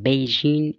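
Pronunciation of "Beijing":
In 'Beijing', the d sound is dropped, and this is also a correct pronunciation.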